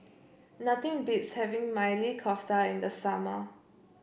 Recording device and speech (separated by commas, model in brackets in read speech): boundary microphone (BM630), read sentence